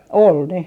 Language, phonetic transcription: Finnish, 'ol ne .
- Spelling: oli ne

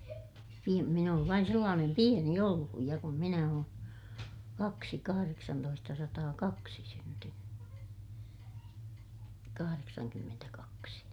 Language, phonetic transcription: Finnish, pi- , min ‿oov vain sellaanem pieni olluj ja kun minä oon , kaksi - kahareksantoistasataakaksi syntyny , kahareksankymmentäkaksi .
- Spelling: - minä olen vain sellainen pieni ollut ja kun minä olen kaksi kahdeksantoistasataakaksi syntynyt kahdeksankymmentäkaksi

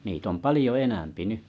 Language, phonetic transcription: Finnish, niit ‿om 'palĭjo 'enämpi 'ny .
- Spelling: niitä on paljon enempi nyt

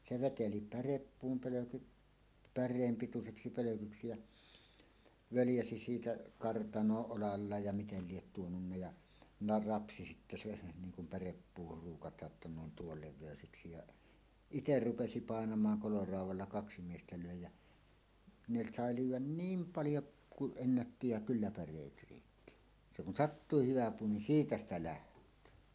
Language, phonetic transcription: Finnish, se "veteli "päreppuum 'pölökyt , "pär̆reem 'pituseksi 'pölökyksi jä , "völjäsi siitä 'kartanooˀ 'ˀolallaaj ja 'mitel liet tuonunna ja , 'na- , "rapsi sittä seˀ , 'niiŋ kum päreppuuhur ruukataa’ ’ᵉttä ne ‿on "tuol 'lev̆vèöseksi jaˀ , "iter "rupesi 'pàenamaaŋ 'koloràuw̆walla "kaksi 'miestä lö̀e jä , 'ne 'sàe "lyyw̆wän "niim paljo kuˀ 'ˀennätti ja "kyllä 'pär̆reet riitti , se kun "sattuuhih 'hyvä 'puu nin "siitä ‿stä "läht̀öö .
- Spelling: se veteli pärepuun pölkyt päreen pituiseksi pölkyksi ja völjäsi siitä kartanoon olallaan ja miten lie tuonut ja - rapsi sitten sen niin kun pärepuuhun ruukataan että ne on tuon levyiseksi ja itse rupesi painamaan koloraudalla kaksi miestä löi ja ne sai lyödä niin paljon kuin ennätti ja kyllä päreet riitti se kun sattuu hyvä puu niin siitä sitä lähtee

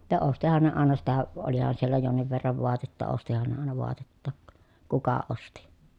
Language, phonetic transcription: Finnish, ta ostihan ne àena sitä , olihan siellä jonniv verrav voatetta ostihan ne àena voatettàk , kuka osti .
- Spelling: ja ostihan ne aina sitä olihan siellä jonkin verran vaatetta ostihan ne aina vaatettakin kuka osti

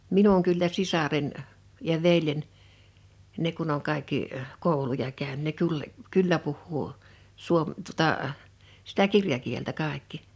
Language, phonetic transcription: Finnish, 'minuŋ kyllä "sisaren , ja "veljen , ne kun ‿oŋ kaikki , 'kòuluja 'käyn- ne kul- , "kyllä puhhuu , 'suom- , tuᵒtà , sitä "kirjakieltä 'kàḙkki .
- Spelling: minun kyllä sisareni ja veljeni ne kun on kaikki kouluja - ne - kyllä puhuu - tuota sitä kirjakieltä kaikki

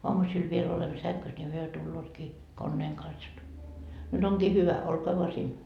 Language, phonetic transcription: Finnish, 'oamusil viel olemmo 'säŋkys ńi 'hyö 'tullootkii , 'konneeŋ kans jot , » 'nyt ‿oŋkii "hyvä , 'olkoa voa siin .
- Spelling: aamusilla vielä olemme sängyssä niin he tulevatkin koneen kanssa jotta nyt onkin hyvä olkaa vain siinä

